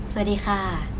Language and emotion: Thai, neutral